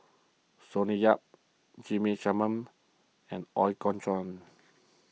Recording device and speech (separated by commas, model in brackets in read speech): mobile phone (iPhone 6), read sentence